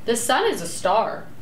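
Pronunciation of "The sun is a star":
The sentence has two stresses, and the voice rises on both of them.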